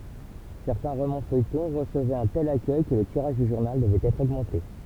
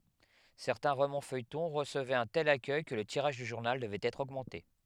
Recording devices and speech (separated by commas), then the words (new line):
temple vibration pickup, headset microphone, read sentence
Certains romans-feuilletons recevaient un tel accueil que le tirage du journal devait être augmenté.